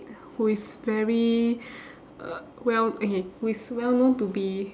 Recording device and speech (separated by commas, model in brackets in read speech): standing microphone, conversation in separate rooms